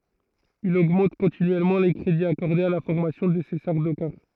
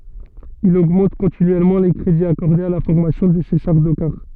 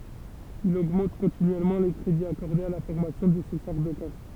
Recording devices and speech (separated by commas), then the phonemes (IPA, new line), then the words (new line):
throat microphone, soft in-ear microphone, temple vibration pickup, read sentence
il oɡmɑ̃t kɔ̃tinyɛlmɑ̃ le kʁediz akɔʁdez a la fɔʁmasjɔ̃ də se saʁdokaʁ
Il augmente continuellement les crédits accordés à la formation de ses Sardaukars.